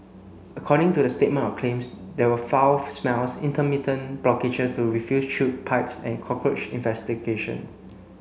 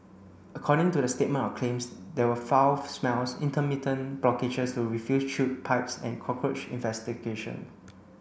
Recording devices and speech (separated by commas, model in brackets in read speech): mobile phone (Samsung C9), boundary microphone (BM630), read sentence